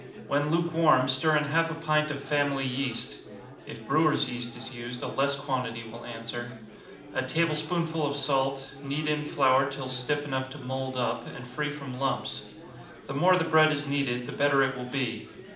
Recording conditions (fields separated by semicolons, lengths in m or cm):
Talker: one person; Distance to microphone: 2.0 m; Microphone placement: close; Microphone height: 99 cm; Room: medium-sized (5.7 m by 4.0 m); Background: babble